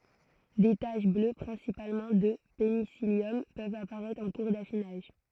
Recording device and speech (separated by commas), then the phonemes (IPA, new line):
throat microphone, read sentence
de taʃ blø pʁɛ̃sipalmɑ̃ də penisiljɔm pøvt apaʁɛtʁ ɑ̃ kuʁ dafinaʒ